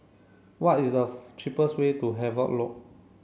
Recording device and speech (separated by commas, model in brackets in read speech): mobile phone (Samsung C7), read sentence